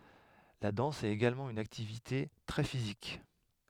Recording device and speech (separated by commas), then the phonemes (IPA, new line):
headset microphone, read sentence
la dɑ̃s ɛt eɡalmɑ̃ yn aktivite tʁɛ fizik